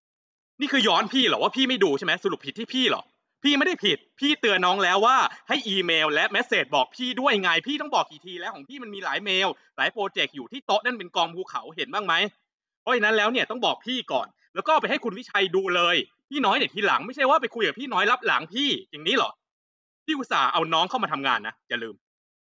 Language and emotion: Thai, angry